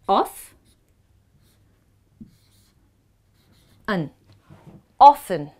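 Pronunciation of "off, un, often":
'Often' is said with the British pronunciation.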